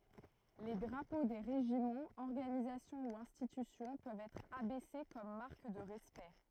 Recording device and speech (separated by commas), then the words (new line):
throat microphone, read sentence
Les drapeaux des régiments, organisations ou institutions peuvent être abaissés comme marque de respect.